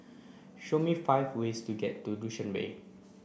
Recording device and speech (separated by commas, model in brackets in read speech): boundary microphone (BM630), read sentence